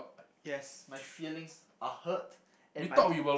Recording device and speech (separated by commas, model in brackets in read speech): boundary microphone, conversation in the same room